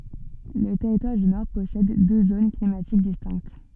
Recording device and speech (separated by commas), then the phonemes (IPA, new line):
soft in-ear microphone, read sentence
lə tɛʁitwaʁ dy nɔʁ pɔsɛd dø zon klimatik distɛ̃kt